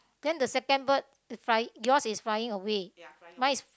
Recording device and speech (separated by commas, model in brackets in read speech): close-talking microphone, conversation in the same room